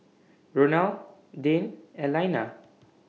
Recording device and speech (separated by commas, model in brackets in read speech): mobile phone (iPhone 6), read sentence